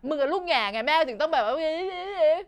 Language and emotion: Thai, angry